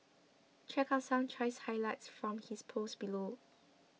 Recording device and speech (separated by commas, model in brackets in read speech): mobile phone (iPhone 6), read sentence